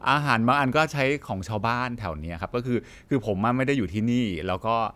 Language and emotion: Thai, happy